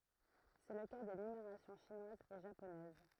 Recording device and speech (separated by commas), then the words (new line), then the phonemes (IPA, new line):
throat microphone, read sentence
C'est le cas des numérations chinoise et japonaise.
sɛ lə ka de nymeʁasjɔ̃ ʃinwaz e ʒaponɛz